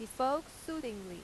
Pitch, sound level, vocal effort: 245 Hz, 91 dB SPL, loud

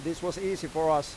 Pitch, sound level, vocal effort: 160 Hz, 93 dB SPL, normal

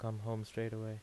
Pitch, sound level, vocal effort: 110 Hz, 80 dB SPL, soft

